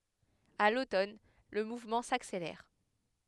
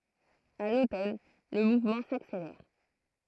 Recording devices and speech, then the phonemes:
headset microphone, throat microphone, read sentence
a lotɔn lə muvmɑ̃ sakselɛʁ

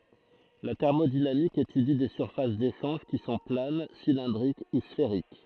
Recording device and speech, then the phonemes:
throat microphone, read sentence
la tɛʁmodinamik etydi de syʁfas deʃɑ̃ʒ ki sɔ̃ plan silɛ̃dʁik u sfeʁik

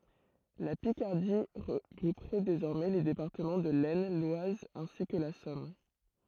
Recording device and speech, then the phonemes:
throat microphone, read sentence
la pikaʁdi ʁəɡʁupʁɛ dezɔʁmɛ le depaʁtəmɑ̃ də lɛsn lwaz ɛ̃si kə la sɔm

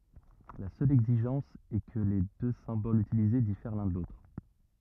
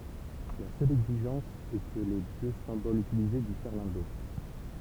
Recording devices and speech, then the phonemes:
rigid in-ear microphone, temple vibration pickup, read sentence
la sœl ɛɡziʒɑ̃s ɛ kə le dø sɛ̃bolz ytilize difɛʁ lœ̃ də lotʁ

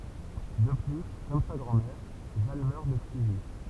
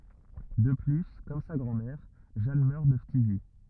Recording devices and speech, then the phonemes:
temple vibration pickup, rigid in-ear microphone, read sentence
də ply kɔm sa ɡʁɑ̃dmɛʁ ʒan mœʁ də ftizi

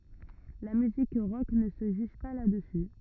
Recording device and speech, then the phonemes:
rigid in-ear microphone, read sentence
la myzik ʁɔk nə sə ʒyʒ pa la dəsy

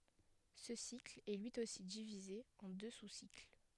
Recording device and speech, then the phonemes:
headset microphone, read sentence
sə sikl ɛ lyi osi divize ɑ̃ dø susikl

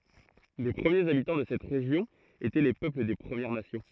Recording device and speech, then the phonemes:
throat microphone, read sentence
le pʁəmjez abitɑ̃ də sɛt ʁeʒjɔ̃ etɛ le pøpl de pʁəmjɛʁ nasjɔ̃

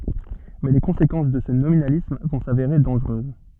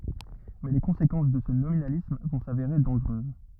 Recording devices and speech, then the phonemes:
soft in-ear microphone, rigid in-ear microphone, read sentence
mɛ le kɔ̃sekɑ̃s də sə nominalism vɔ̃ saveʁe dɑ̃ʒʁøz

